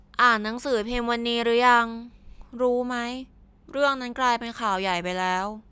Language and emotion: Thai, frustrated